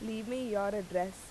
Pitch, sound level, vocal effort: 205 Hz, 87 dB SPL, normal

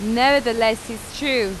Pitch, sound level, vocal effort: 230 Hz, 92 dB SPL, very loud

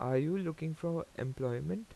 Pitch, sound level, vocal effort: 160 Hz, 82 dB SPL, normal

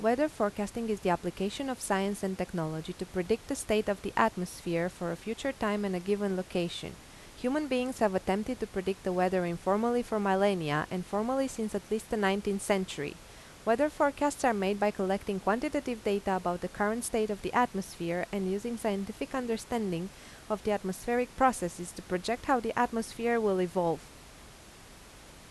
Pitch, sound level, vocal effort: 205 Hz, 85 dB SPL, normal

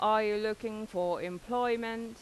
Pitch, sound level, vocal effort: 215 Hz, 90 dB SPL, loud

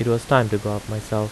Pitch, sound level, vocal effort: 110 Hz, 82 dB SPL, normal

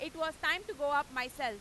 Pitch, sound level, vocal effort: 290 Hz, 104 dB SPL, very loud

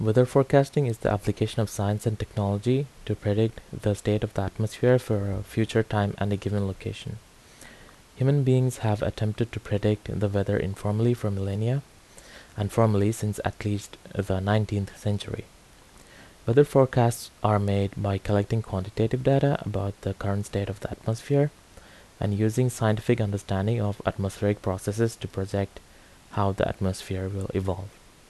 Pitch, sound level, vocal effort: 105 Hz, 77 dB SPL, normal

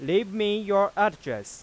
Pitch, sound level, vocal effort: 200 Hz, 97 dB SPL, loud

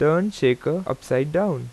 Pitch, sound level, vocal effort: 150 Hz, 87 dB SPL, normal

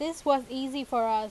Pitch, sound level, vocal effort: 265 Hz, 92 dB SPL, loud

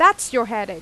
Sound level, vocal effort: 95 dB SPL, very loud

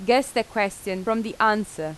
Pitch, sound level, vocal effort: 215 Hz, 87 dB SPL, loud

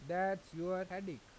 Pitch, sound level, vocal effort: 185 Hz, 90 dB SPL, normal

